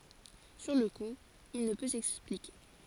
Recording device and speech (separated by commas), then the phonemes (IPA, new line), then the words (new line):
forehead accelerometer, read sentence
syʁ lə ku il nə pø sɛksplike
Sur le coup, il ne peut s'expliquer.